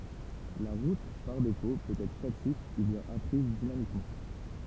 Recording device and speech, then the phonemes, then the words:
temple vibration pickup, read sentence
la ʁut paʁ defo pøt ɛtʁ statik u bjɛ̃n apʁiz dinamikmɑ̃
La route par défaut peut être statique ou bien apprise dynamiquement.

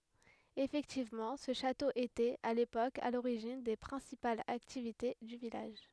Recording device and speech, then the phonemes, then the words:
headset microphone, read sentence
efɛktivmɑ̃ sə ʃato etɛt a lepok a loʁiʒin de pʁɛ̃sipalz aktivite dy vilaʒ
Effectivement, ce château était, à l'époque, à l'origine des principales activités du village.

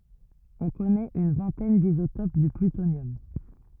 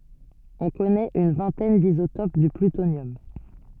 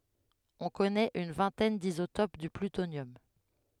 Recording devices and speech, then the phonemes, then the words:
rigid in-ear microphone, soft in-ear microphone, headset microphone, read sentence
ɔ̃ kɔnɛt yn vɛ̃tɛn dizotop dy plytonjɔm
On connaît une vingtaine d'isotopes du plutonium.

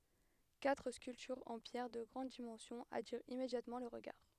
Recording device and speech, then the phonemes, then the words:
headset microphone, read sentence
katʁ skyltyʁz ɑ̃ pjɛʁ də ɡʁɑ̃d dimɑ̃sjɔ̃z atiʁt immedjatmɑ̃ lə ʁəɡaʁ
Quatre sculptures en pierre de grandes dimensions attirent immédiatement le regard.

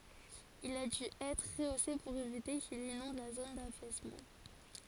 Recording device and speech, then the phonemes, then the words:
forehead accelerometer, read sentence
il a dy ɛtʁ ʁəose puʁ evite kil inɔ̃d la zon dafɛsmɑ̃
Il a dû être rehaussé pour éviter qu'il inonde la zone d'affaissement.

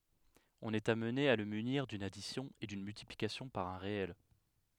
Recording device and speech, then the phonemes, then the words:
headset microphone, read sentence
ɔ̃n ɛt amne a lə myniʁ dyn adisjɔ̃ e dyn myltiplikasjɔ̃ paʁ œ̃ ʁeɛl
On est amené à le munir d'une addition et d'une multiplication par un réel.

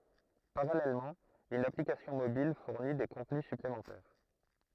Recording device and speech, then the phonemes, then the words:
throat microphone, read sentence
paʁalɛlmɑ̃ yn aplikasjɔ̃ mobil fuʁni de kɔ̃tny syplemɑ̃tɛʁ
Parallèlement, une application mobile fournit des contenus supplémentaires.

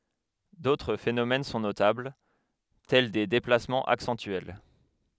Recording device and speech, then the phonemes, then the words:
headset microphone, read sentence
dotʁ fenomɛn sɔ̃ notabl tɛl de deplasmɑ̃z aksɑ̃tyɛl
D'autres phénomènes sont notables, tels des déplacements accentuels.

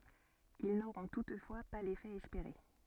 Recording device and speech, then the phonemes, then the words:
soft in-ear microphone, read sentence
il noʁɔ̃ tutfwa pa lefɛ ɛspeʁe
Ils n'auront toutefois pas l'effet espéré.

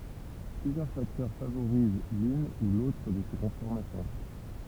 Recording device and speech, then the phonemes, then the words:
temple vibration pickup, read sentence
plyzjœʁ faktœʁ favoʁiz lyn u lotʁ də se kɔ̃fɔʁmasjɔ̃
Plusieurs facteurs favorisent l'une ou l'autre de ces conformations.

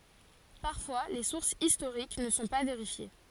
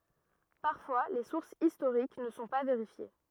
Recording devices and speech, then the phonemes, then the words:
forehead accelerometer, rigid in-ear microphone, read sentence
paʁfwa le suʁsz istoʁik nə sɔ̃ pa veʁifje
Parfois les sources historiques ne sont pas vérifiées.

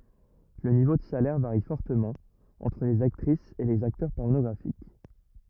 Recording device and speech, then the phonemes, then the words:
rigid in-ear microphone, read sentence
lə nivo də salɛʁ vaʁi fɔʁtəmɑ̃ ɑ̃tʁ lez aktʁisz e lez aktœʁ pɔʁnɔɡʁafik
Le niveau de salaire varie fortement entre les actrices et les acteurs pornographiques.

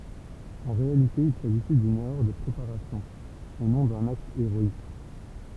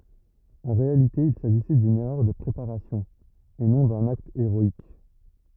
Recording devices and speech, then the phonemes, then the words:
temple vibration pickup, rigid in-ear microphone, read sentence
ɑ̃ ʁealite il saʒisɛ dyn ɛʁœʁ də pʁepaʁasjɔ̃ e nɔ̃ dœ̃n akt eʁɔik
En réalité il s’agissait d’une erreur de préparation et non d’un acte héroïque.

